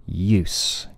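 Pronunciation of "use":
'Use' ends in an unvoiced s, not a z. The vibration of the oo vowel stops suddenly when the s begins.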